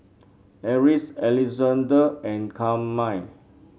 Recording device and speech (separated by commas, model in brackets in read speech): mobile phone (Samsung C7), read sentence